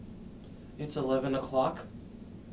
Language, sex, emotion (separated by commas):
English, male, neutral